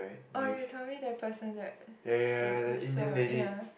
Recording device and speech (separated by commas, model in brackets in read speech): boundary microphone, conversation in the same room